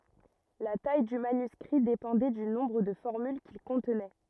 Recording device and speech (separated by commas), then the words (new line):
rigid in-ear microphone, read sentence
La taille du manuscrit dépendait du nombre de formules qu'il contenait.